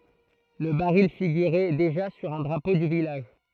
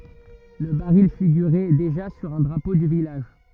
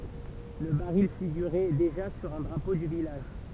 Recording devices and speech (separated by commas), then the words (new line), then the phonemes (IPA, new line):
throat microphone, rigid in-ear microphone, temple vibration pickup, read sentence
Le baril figurait déjà sur un drapeau du village.
lə baʁil fiɡyʁɛ deʒa syʁ œ̃ dʁapo dy vilaʒ